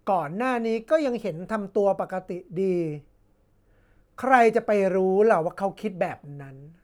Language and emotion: Thai, frustrated